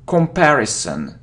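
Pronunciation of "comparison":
'Comparison' is pronounced incorrectly here.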